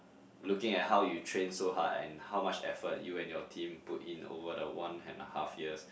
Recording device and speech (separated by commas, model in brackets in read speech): boundary microphone, conversation in the same room